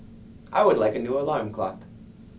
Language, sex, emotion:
English, male, neutral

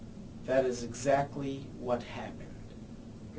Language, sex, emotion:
English, male, neutral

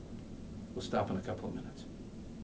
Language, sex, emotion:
English, male, neutral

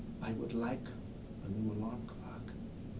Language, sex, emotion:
English, male, neutral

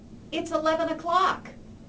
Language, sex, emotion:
English, female, neutral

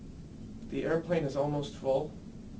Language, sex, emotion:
English, male, neutral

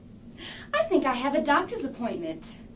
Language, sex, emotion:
English, female, happy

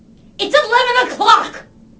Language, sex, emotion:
English, female, angry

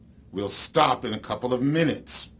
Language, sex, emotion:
English, male, angry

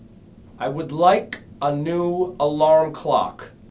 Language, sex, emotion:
English, male, angry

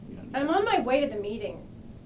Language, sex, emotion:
English, female, disgusted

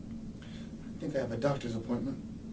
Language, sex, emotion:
English, male, neutral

